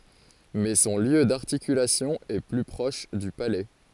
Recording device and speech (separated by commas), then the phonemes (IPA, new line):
forehead accelerometer, read sentence
mɛ sɔ̃ ljø daʁtikylasjɔ̃ ɛ ply pʁɔʃ dy palɛ